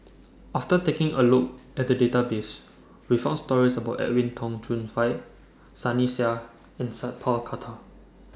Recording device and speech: standing microphone (AKG C214), read sentence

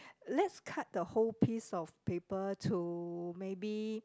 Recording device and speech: close-talking microphone, conversation in the same room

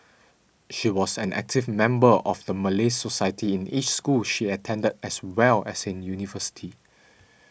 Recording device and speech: boundary microphone (BM630), read sentence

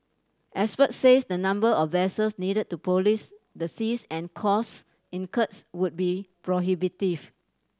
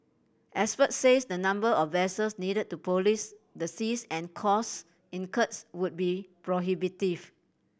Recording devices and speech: standing microphone (AKG C214), boundary microphone (BM630), read sentence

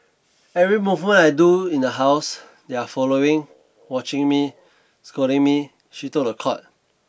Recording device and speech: boundary microphone (BM630), read sentence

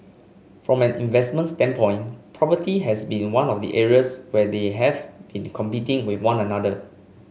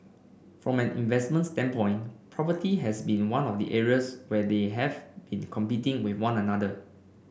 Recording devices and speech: mobile phone (Samsung C5), boundary microphone (BM630), read sentence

